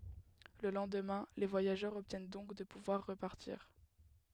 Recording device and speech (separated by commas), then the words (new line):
headset microphone, read sentence
Le lendemain, les voyageurs obtiennent donc de pouvoir repartir.